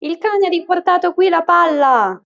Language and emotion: Italian, happy